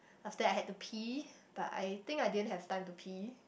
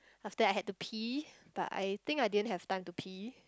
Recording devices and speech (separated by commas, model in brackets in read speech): boundary microphone, close-talking microphone, conversation in the same room